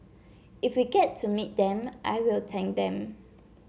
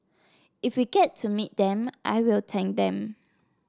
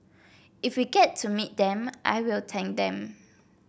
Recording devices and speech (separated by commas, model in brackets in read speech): mobile phone (Samsung C7), standing microphone (AKG C214), boundary microphone (BM630), read sentence